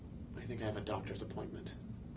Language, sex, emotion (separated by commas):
English, male, neutral